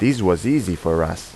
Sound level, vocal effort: 86 dB SPL, normal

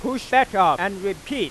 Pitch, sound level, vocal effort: 250 Hz, 102 dB SPL, loud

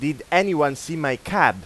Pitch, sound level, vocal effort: 150 Hz, 97 dB SPL, loud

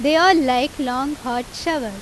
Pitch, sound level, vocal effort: 270 Hz, 91 dB SPL, very loud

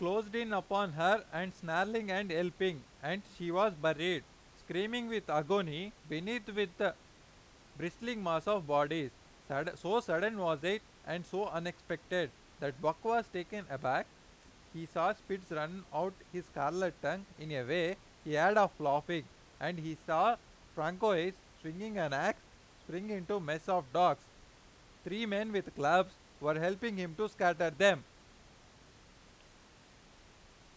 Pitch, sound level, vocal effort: 180 Hz, 96 dB SPL, very loud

